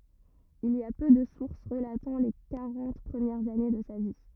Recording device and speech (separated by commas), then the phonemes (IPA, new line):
rigid in-ear microphone, read sentence
il i a pø də suʁs ʁəlatɑ̃ le kaʁɑ̃t pʁəmjɛʁz ane də sa vi